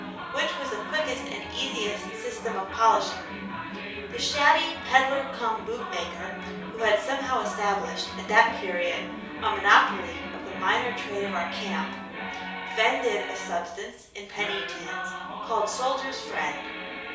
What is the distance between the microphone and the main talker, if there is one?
3.0 m.